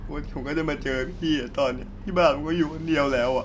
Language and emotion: Thai, sad